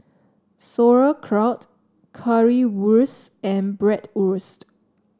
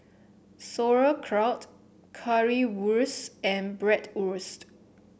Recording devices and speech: standing microphone (AKG C214), boundary microphone (BM630), read sentence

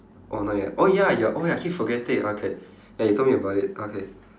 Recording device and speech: standing microphone, conversation in separate rooms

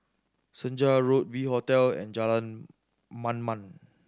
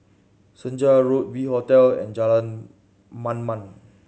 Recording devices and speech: standing microphone (AKG C214), mobile phone (Samsung C7100), read sentence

